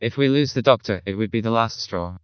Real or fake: fake